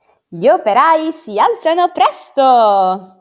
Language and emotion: Italian, happy